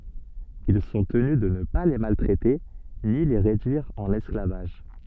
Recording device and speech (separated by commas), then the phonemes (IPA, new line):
soft in-ear microphone, read sentence
il sɔ̃ təny də nə pa le maltʁɛte ni le ʁedyiʁ ɑ̃n ɛsklavaʒ